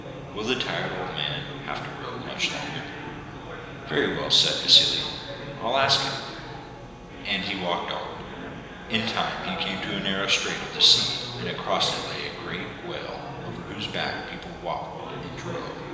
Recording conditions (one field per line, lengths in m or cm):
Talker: one person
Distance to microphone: 1.7 m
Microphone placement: close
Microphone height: 1.0 m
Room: very reverberant, large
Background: babble